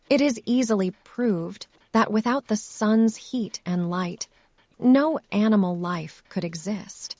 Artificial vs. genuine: artificial